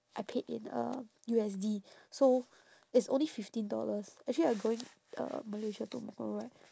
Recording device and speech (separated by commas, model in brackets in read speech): standing microphone, conversation in separate rooms